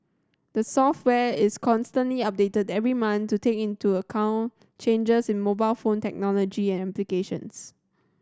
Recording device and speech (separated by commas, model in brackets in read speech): standing microphone (AKG C214), read sentence